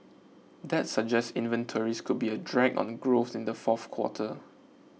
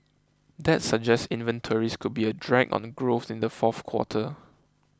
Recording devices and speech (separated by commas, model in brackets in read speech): mobile phone (iPhone 6), close-talking microphone (WH20), read sentence